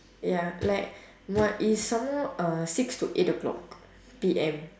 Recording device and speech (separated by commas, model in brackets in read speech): standing microphone, conversation in separate rooms